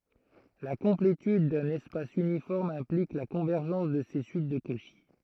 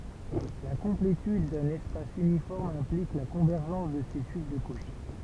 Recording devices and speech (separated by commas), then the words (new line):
throat microphone, temple vibration pickup, read sentence
La complétude d'un espace uniforme implique la convergence de ses suites de Cauchy.